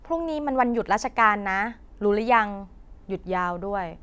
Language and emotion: Thai, neutral